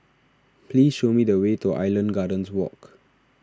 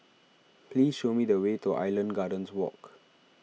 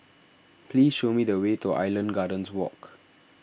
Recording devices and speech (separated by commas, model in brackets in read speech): standing microphone (AKG C214), mobile phone (iPhone 6), boundary microphone (BM630), read sentence